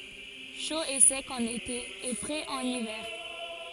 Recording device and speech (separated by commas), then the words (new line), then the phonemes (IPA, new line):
forehead accelerometer, read sentence
Chaud et sec en été et frais en hiver.
ʃo e sɛk ɑ̃n ete e fʁɛz ɑ̃n ivɛʁ